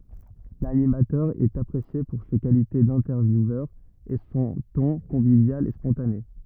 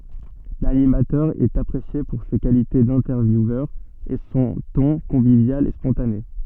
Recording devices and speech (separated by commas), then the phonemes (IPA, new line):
rigid in-ear microphone, soft in-ear microphone, read sentence
lanimatœʁ ɛt apʁesje puʁ se kalite dɛ̃tɛʁvjuvœʁ e sɔ̃ tɔ̃ kɔ̃vivjal e spɔ̃tane